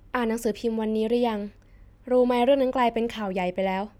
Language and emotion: Thai, neutral